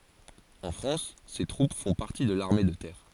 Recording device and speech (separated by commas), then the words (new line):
forehead accelerometer, read sentence
En France, ces troupes font partie de l'armée de terre.